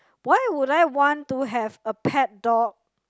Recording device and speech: close-talking microphone, conversation in the same room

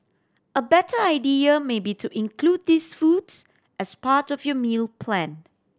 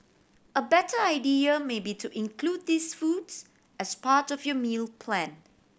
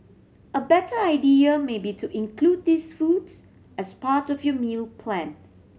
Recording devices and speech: standing microphone (AKG C214), boundary microphone (BM630), mobile phone (Samsung C7100), read sentence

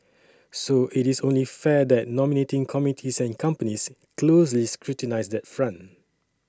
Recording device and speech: standing microphone (AKG C214), read sentence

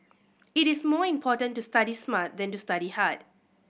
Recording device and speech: boundary microphone (BM630), read sentence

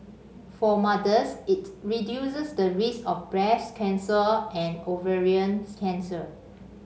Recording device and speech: mobile phone (Samsung C5), read sentence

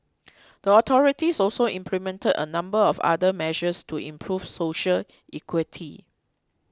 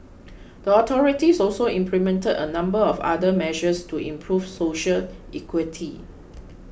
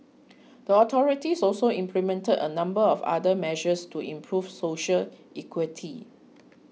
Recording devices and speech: close-talking microphone (WH20), boundary microphone (BM630), mobile phone (iPhone 6), read sentence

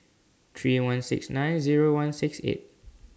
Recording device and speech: standing microphone (AKG C214), read sentence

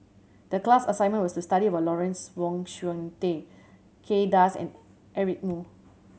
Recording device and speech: mobile phone (Samsung C7100), read sentence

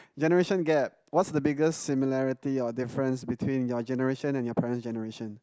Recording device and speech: close-talking microphone, conversation in the same room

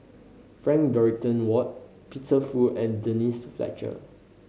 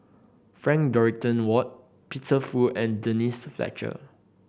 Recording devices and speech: mobile phone (Samsung C5010), boundary microphone (BM630), read sentence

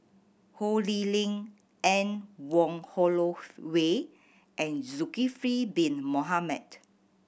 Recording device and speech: boundary microphone (BM630), read sentence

